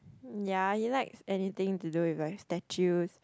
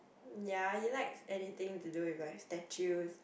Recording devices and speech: close-talking microphone, boundary microphone, conversation in the same room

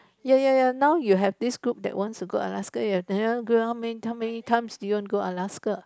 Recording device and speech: close-talking microphone, conversation in the same room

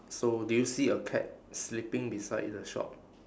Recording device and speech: standing microphone, conversation in separate rooms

